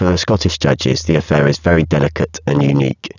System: VC, spectral filtering